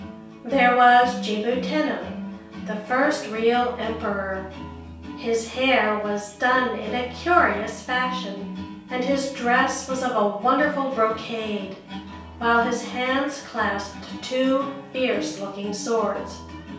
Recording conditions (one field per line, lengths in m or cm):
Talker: one person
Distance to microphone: 3.0 m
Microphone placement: far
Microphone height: 1.8 m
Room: small (3.7 m by 2.7 m)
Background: music